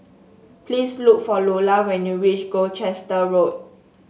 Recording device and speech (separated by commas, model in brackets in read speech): mobile phone (Samsung S8), read sentence